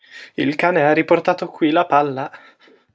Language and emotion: Italian, fearful